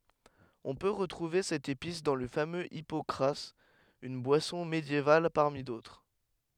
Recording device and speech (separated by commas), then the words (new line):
headset microphone, read sentence
On peut retrouver cette épice dans le fameux hypocras, une boisson médiévale parmi d'autres.